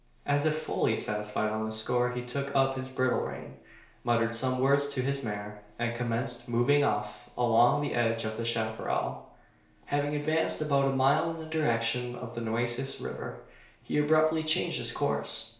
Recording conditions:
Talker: one person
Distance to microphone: 1.0 m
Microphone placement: close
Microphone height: 1.1 m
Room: small (3.7 m by 2.7 m)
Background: none

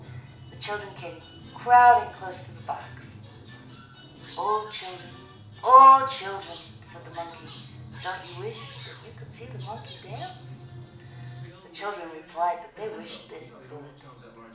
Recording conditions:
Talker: one person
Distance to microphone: 2.0 m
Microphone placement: close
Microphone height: 99 cm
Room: medium-sized (5.7 m by 4.0 m)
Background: television

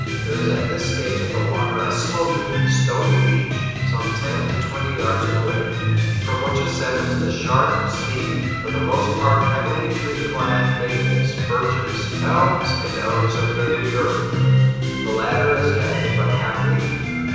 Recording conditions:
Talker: one person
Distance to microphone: 7.1 m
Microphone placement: far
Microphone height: 1.7 m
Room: very reverberant, large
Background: music

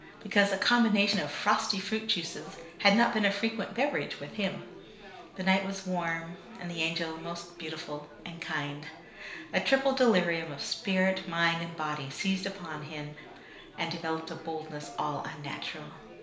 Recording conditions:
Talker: one person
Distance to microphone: 1.0 m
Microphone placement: close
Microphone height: 1.1 m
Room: small (3.7 m by 2.7 m)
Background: babble

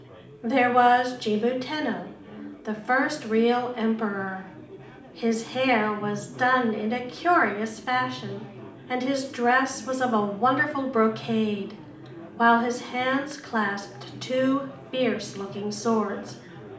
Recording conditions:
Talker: one person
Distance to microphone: 2.0 m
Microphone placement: close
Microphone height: 99 cm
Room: medium-sized (5.7 m by 4.0 m)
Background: babble

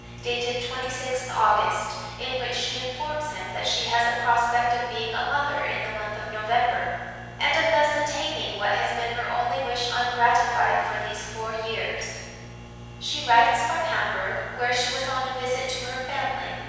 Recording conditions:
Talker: one person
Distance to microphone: 7.1 m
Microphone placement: far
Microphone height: 1.7 m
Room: very reverberant, large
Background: none

